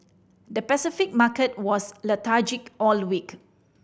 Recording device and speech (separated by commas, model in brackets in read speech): boundary microphone (BM630), read sentence